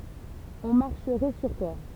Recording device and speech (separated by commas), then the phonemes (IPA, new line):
temple vibration pickup, read sentence
ɔ̃ maʁʃʁɛ syʁ twa